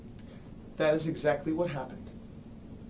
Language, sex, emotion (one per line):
English
male
neutral